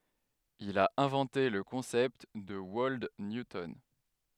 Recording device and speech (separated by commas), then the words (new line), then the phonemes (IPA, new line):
headset microphone, read sentence
Il a inventé le concept de Wold Newton.
il a ɛ̃vɑ̃te lə kɔ̃sɛpt də wɔld njutɔn